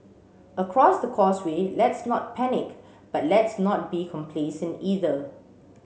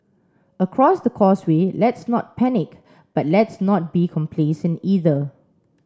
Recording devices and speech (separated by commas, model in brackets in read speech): mobile phone (Samsung C7), standing microphone (AKG C214), read sentence